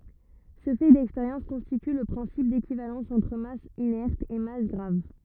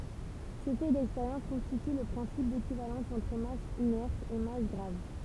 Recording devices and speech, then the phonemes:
rigid in-ear microphone, temple vibration pickup, read sentence
sə fɛ dɛkspeʁjɑ̃s kɔ̃stity lə pʁɛ̃sip dekivalɑ̃s ɑ̃tʁ mas inɛʁt e mas ɡʁav

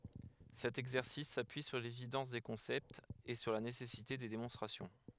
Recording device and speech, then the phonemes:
headset microphone, read sentence
sɛt ɛɡzɛʁsis sapyi syʁ levidɑ̃s de kɔ̃sɛptz e syʁ la nesɛsite de demɔ̃stʁasjɔ̃

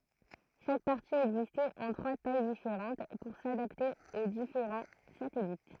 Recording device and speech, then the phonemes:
throat microphone, read sentence
ʃak paʁti ɛɡzistɛt ɑ̃ tʁwa taj difeʁɑ̃t puʁ sadapte o difeʁɑ̃ satɛlit

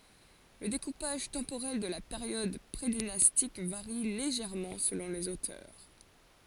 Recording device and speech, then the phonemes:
forehead accelerometer, read sentence
lə dekupaʒ tɑ̃poʁɛl də la peʁjɔd pʁedinastik vaʁi leʒɛʁmɑ̃ səlɔ̃ lez otœʁ

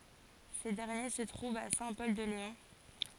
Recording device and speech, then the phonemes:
forehead accelerometer, read sentence
se dɛʁnje sə tʁuvt a sɛ̃ pɔl də leɔ̃

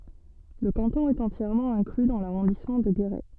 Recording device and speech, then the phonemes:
soft in-ear microphone, read sentence
lə kɑ̃tɔ̃ ɛt ɑ̃tjɛʁmɑ̃ ɛ̃kly dɑ̃ laʁɔ̃dismɑ̃ də ɡeʁɛ

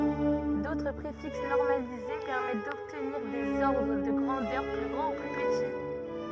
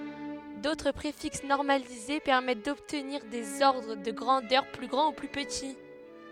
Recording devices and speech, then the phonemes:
rigid in-ear microphone, headset microphone, read sentence
dotʁ pʁefiks nɔʁmalize pɛʁmɛt dɔbtniʁ dez ɔʁdʁ də ɡʁɑ̃dœʁ ply ɡʁɑ̃ u ply pəti

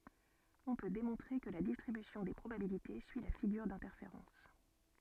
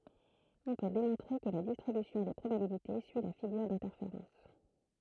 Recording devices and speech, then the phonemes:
soft in-ear microphone, throat microphone, read sentence
ɔ̃ pø demɔ̃tʁe kə la distʁibysjɔ̃ de pʁobabilite syi la fiɡyʁ dɛ̃tɛʁfeʁɑ̃s

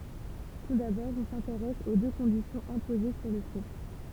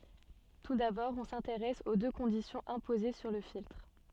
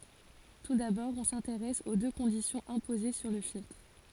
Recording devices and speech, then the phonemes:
temple vibration pickup, soft in-ear microphone, forehead accelerometer, read sentence
tu dabɔʁ ɔ̃ sɛ̃teʁɛs o dø kɔ̃disjɔ̃z ɛ̃poze syʁ lə filtʁ

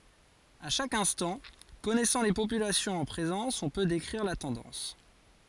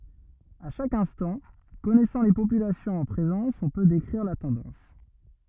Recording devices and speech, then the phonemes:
forehead accelerometer, rigid in-ear microphone, read sentence
a ʃak ɛ̃stɑ̃ kɔnɛsɑ̃ le popylasjɔ̃z ɑ̃ pʁezɑ̃s ɔ̃ pø dekʁiʁ la tɑ̃dɑ̃s

